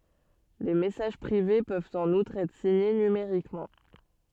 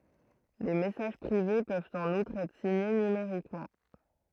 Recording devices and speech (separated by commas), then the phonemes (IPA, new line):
soft in-ear microphone, throat microphone, read sentence
le mɛsaʒ pʁive pøvt ɑ̃n utʁ ɛtʁ siɲe nymeʁikmɑ̃